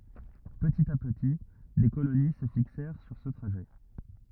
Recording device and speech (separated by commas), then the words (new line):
rigid in-ear microphone, read sentence
Petit à petit, des colonies se fixèrent sur ce trajet.